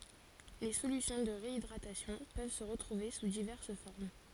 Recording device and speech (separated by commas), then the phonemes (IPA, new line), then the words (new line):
forehead accelerometer, read sentence
le solysjɔ̃ də ʁeidʁatasjɔ̃ pøv sə ʁətʁuve su divɛʁs fɔʁm
Les solutions de réhydratation peuvent se retrouver sous diverses formes.